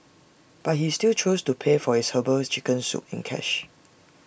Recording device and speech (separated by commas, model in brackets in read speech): boundary microphone (BM630), read sentence